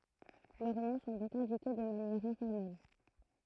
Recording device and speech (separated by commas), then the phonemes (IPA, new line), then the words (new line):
throat microphone, read sentence
lœʁ nɔ̃ sɔ̃ dɔ̃k ɛ̃dike də manjɛʁ ɛ̃fɔʁmɛl
Leurs noms sont donc indiqués de manière informelle.